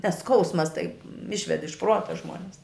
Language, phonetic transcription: Lithuanian, nes ˈskausmas taip ˈišved iš ˈpruota ˈžmuones

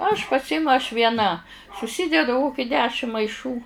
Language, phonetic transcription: Lithuanian, aš paˈsimu aš vieˈna suˈsidedu ˈkoki ˈdešim maiˈšų

